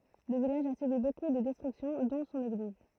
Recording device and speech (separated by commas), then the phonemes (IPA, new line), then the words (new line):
throat microphone, read sentence
lə vilaʒ a sybi boku də dɛstʁyksjɔ̃ dɔ̃ sɔ̃n eɡliz
Le village a subi beaucoup de destructions, dont son église.